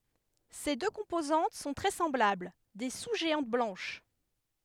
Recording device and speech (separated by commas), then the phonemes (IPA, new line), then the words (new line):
headset microphone, read sentence
se dø kɔ̃pozɑ̃t sɔ̃ tʁɛ sɑ̃blabl de su ʒeɑ̃t blɑ̃ʃ
Ses deux composantes sont très semblables, des sous-géantes blanches.